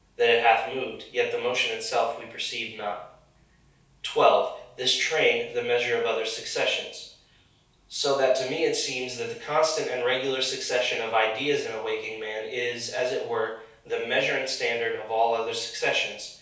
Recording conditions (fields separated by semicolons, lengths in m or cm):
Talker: one person; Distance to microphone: 3.0 m; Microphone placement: far; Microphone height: 1.8 m; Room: small (3.7 m by 2.7 m); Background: none